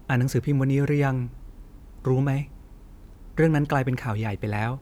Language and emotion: Thai, frustrated